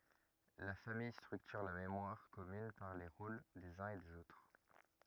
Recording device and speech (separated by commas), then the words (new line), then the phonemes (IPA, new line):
rigid in-ear microphone, read sentence
La famille structure la mémoire commune par les rôles des uns et des autres.
la famij stʁyktyʁ la memwaʁ kɔmyn paʁ le ʁol dez œ̃z e dez otʁ